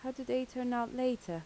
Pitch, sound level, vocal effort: 250 Hz, 81 dB SPL, soft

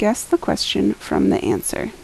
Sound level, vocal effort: 75 dB SPL, soft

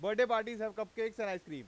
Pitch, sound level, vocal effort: 220 Hz, 101 dB SPL, very loud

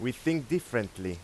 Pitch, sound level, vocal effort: 125 Hz, 91 dB SPL, loud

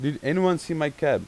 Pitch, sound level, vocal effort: 150 Hz, 91 dB SPL, loud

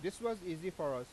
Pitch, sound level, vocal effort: 185 Hz, 93 dB SPL, loud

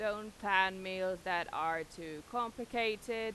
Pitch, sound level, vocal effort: 195 Hz, 94 dB SPL, loud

